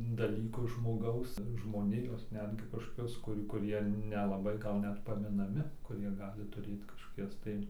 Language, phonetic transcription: Lithuanian, daˈlyku žmoˈgaus žmoˈnijos ˈnetgi kažˈkokius kuˈrių kuˈrie nelaˈbai ˈgal ˈnet paminaˈmi kuˈrie ˈgali tuˈrėt kažkoˈkias tai

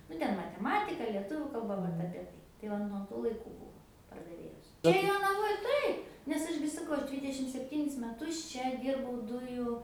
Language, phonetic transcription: Lithuanian, ˈnu ˈten mateˈmatika lieˈtuviu kalˈba ˈvat apie ˈtai tai ˈva nuo ˈtų laiˈkų ˈbūvo pardaˈvėjos ˈčia jonaˈvoj ˈtaip nes ˈaš gi saˈkau ˈaš ˈdvydešim sepˈtynis meˈtus ˈčia ˈdyrbau ˈdujų

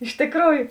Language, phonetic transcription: Lithuanian, iš tikˈrųju

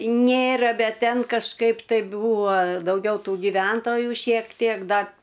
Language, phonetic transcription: Lithuanian, ˈnėra ˈbet ˈten kažˈkaip tai ˈbūvo dauˈgiau ˈtų giˈventoju šiek ˈtiek dar

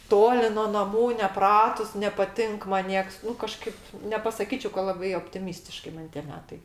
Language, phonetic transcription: Lithuanian, ˈtoli no naˈmų neˈpratus nepaˈtink man ˈnieks nu kaˈžkaip nepasaˈkyčiai ka laˈbai optiˈmystiškai ˈman tie ˈmetai

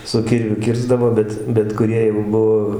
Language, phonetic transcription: Lithuanian, su ˈkirviu ˈkirsdavo ˈbet bet kuˈrie jau ˈbuvo

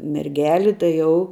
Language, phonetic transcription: Lithuanian, merˈgeli tai ˈjau

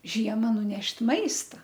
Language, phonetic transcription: Lithuanian, ˈžiema nuˈnešt' ˈmaista

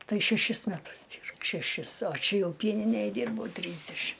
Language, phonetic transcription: Lithuanian, ˈtai šeˈšis meˈtus ˈdyr šeˈšis o ˈčia ˈjau ˈpieninėj ˈdirbau ˈtrysdešim

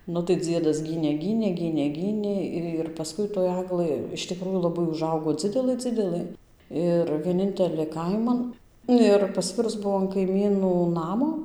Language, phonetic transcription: Lithuanian, ˈnu tai ˈdziedas ˈgynė ˈgynė ˈgynė ˈgynė ir paˈskui toj ˈaglɘ iš tiˈkrųjų laˈbai uˈžaugo ˈdzidelɘ ˈdzidelɘ ˈir vieˈnintelė ˈkaiman ˈnu ir paˈsvirus ˈbuo an kaiˈmynų ˈnamo

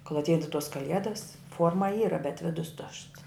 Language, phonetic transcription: Lithuanian, kol atˈeidava tuos kaˈliedas ˈfuorma ˈyra bet ˈvidus tušts

